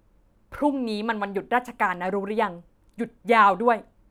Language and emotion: Thai, angry